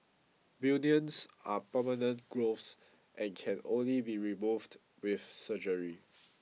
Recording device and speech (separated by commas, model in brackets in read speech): mobile phone (iPhone 6), read sentence